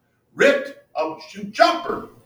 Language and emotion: English, happy